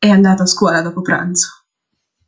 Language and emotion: Italian, disgusted